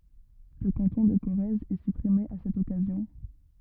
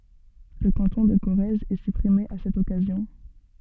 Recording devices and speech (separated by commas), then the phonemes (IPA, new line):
rigid in-ear microphone, soft in-ear microphone, read sentence
lə kɑ̃tɔ̃ də koʁɛz ɛ sypʁime a sɛt ɔkazjɔ̃